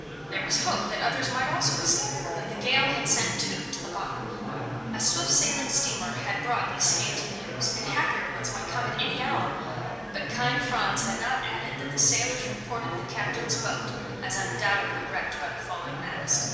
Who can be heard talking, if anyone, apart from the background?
One person.